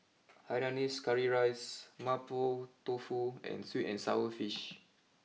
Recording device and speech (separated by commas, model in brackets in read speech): mobile phone (iPhone 6), read sentence